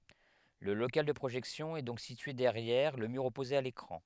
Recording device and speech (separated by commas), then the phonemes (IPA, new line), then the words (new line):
headset microphone, read sentence
lə lokal də pʁoʒɛksjɔ̃ ɛ dɔ̃k sitye dɛʁjɛʁ lə myʁ ɔpoze a lekʁɑ̃
Le local de projection est donc situé derrière le mur opposé à l'écran.